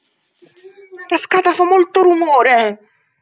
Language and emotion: Italian, angry